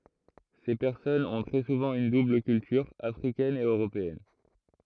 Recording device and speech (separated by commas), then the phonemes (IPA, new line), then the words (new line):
throat microphone, read sentence
se pɛʁsɔnz ɔ̃ tʁɛ suvɑ̃ yn dubl kyltyʁ afʁikɛn e øʁopeɛn
Ces personnes ont très souvent une double culture, africaine et européenne.